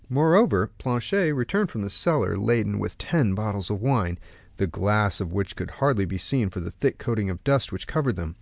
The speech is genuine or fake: genuine